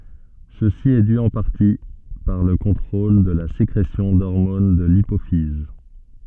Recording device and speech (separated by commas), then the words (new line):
soft in-ear microphone, read sentence
Ceci est dû en partie par le contrôle de la sécrétion d'hormones de l'hypophyse.